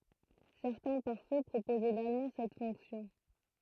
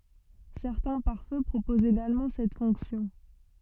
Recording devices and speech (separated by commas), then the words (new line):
throat microphone, soft in-ear microphone, read sentence
Certains pare-feu proposent également cette fonction.